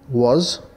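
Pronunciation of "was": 'was' is pronounced correctly here, in the standard British English way.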